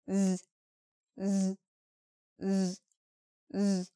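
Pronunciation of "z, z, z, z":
The repeated sound is voiced, made with vibration instead of just air. It is the voiced partner of the th sound in 'tooth'.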